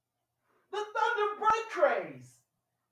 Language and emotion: English, happy